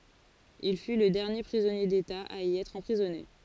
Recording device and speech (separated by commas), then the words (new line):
forehead accelerometer, read sentence
Il fut le dernier prisonnier d'État à y être emprisonné.